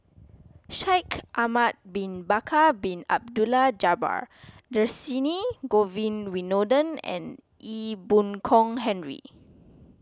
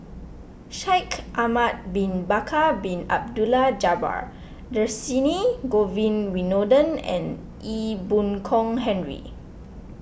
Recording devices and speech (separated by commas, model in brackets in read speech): close-talking microphone (WH20), boundary microphone (BM630), read sentence